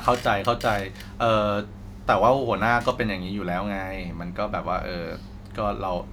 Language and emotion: Thai, neutral